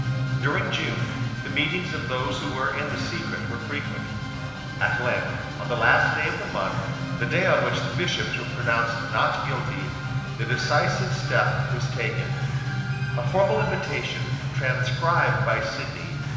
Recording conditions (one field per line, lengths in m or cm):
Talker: one person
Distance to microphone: 1.7 m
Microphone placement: close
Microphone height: 1.0 m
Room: very reverberant, large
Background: music